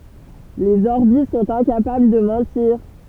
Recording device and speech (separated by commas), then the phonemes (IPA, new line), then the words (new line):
temple vibration pickup, read sentence
lez ɔʁbi sɔ̃t ɛ̃kapabl də mɑ̃tiʁ
Les Orbies sont incapables de mentir.